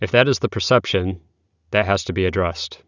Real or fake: real